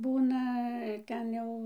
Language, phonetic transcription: Lithuanian, ˈbūna ˈten jau

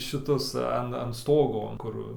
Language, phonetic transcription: Lithuanian, šiˈtus ˈan an ˈstogo ˈkur

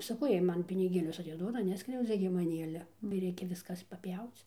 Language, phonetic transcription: Lithuanian, saˈkau ˈjiej ˈman piniˈgėlius atiˈduoda ˈneskriaudzia gi maˈnį ˈale gi ˈreikia ˈviskas paˈpjauc

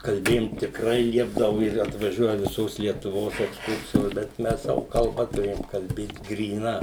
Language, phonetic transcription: Lithuanian, kalˈbėjum tikˈrai ˈliepdavu ir atvaˈžiuoja viˈsos lietuˈvos eksˈkursijos bet ˈmes ˈsavo kalˈba tuˈrėjom kalˈbėt gryˈna

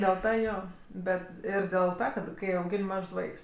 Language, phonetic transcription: Lithuanian, dėl ˈta ˈjo ˈbet ˈir dėl ˈta kad ˈkai auˈgin' ˈmažs ˈvaiks

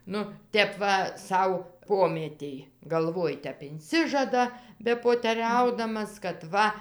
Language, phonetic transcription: Lithuanian, ˈnu ˈtep va ˈsau ˈpomietėj galˈvoj ˈtep inˈsižada bepoteˈriaudamas kad ˈva

